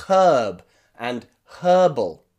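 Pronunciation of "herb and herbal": In 'herb' and 'herbal', the h is pronounced at the beginning of both words. It is a strong h sound, as in British pronunciation.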